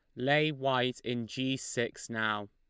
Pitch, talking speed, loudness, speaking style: 125 Hz, 155 wpm, -32 LUFS, Lombard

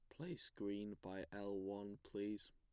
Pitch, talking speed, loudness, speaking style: 100 Hz, 155 wpm, -49 LUFS, plain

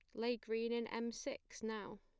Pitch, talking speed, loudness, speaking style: 230 Hz, 200 wpm, -43 LUFS, plain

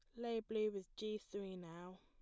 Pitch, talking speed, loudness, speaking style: 205 Hz, 200 wpm, -45 LUFS, plain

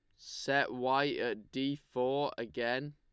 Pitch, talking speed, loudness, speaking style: 130 Hz, 135 wpm, -34 LUFS, Lombard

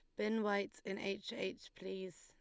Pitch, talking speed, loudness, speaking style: 195 Hz, 180 wpm, -42 LUFS, Lombard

